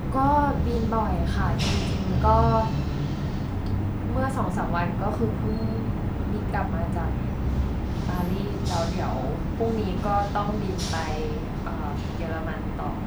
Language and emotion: Thai, frustrated